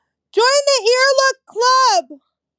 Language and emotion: English, sad